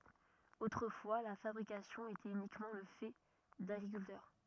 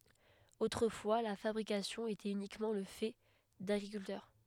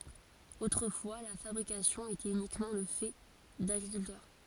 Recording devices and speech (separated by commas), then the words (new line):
rigid in-ear microphone, headset microphone, forehead accelerometer, read sentence
Autrefois, la fabrication était uniquement le fait d'agriculteurs.